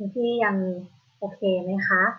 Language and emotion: Thai, neutral